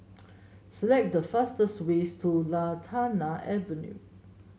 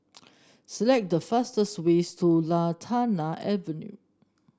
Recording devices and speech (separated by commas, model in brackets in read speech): mobile phone (Samsung S8), standing microphone (AKG C214), read sentence